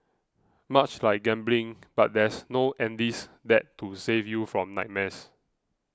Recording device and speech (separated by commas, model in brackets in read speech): close-talking microphone (WH20), read sentence